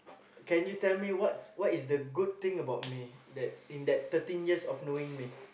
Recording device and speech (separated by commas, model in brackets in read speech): boundary microphone, conversation in the same room